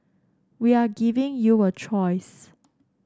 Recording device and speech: standing microphone (AKG C214), read sentence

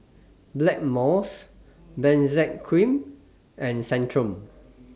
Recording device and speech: standing microphone (AKG C214), read sentence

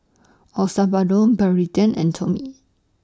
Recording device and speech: standing microphone (AKG C214), read sentence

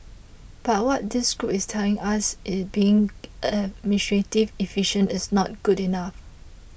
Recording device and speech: boundary microphone (BM630), read sentence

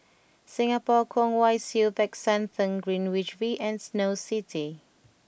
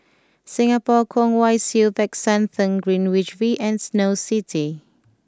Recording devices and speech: boundary microphone (BM630), close-talking microphone (WH20), read sentence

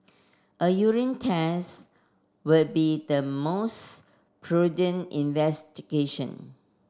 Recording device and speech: standing microphone (AKG C214), read sentence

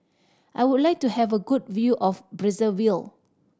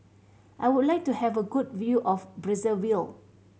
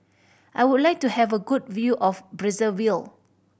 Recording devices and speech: standing microphone (AKG C214), mobile phone (Samsung C7100), boundary microphone (BM630), read sentence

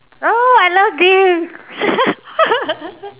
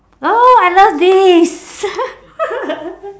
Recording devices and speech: telephone, standing microphone, conversation in separate rooms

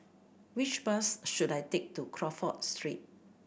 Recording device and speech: boundary microphone (BM630), read sentence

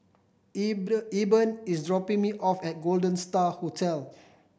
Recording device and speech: boundary microphone (BM630), read sentence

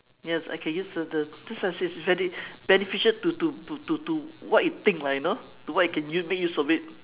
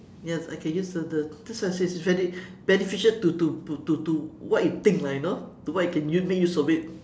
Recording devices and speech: telephone, standing microphone, conversation in separate rooms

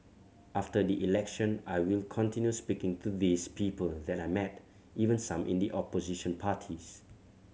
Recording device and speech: mobile phone (Samsung C7100), read sentence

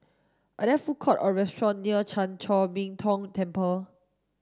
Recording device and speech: standing microphone (AKG C214), read sentence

